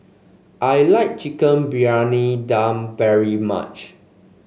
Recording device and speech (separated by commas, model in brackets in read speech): mobile phone (Samsung C5), read sentence